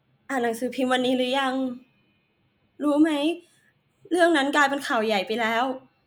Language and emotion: Thai, sad